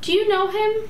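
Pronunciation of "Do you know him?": "Do you know him?" is said with a rising intonation.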